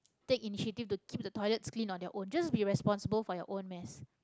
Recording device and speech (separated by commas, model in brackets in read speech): close-talking microphone, conversation in the same room